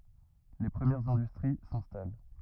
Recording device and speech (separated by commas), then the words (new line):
rigid in-ear microphone, read sentence
Les premières industries s'installent.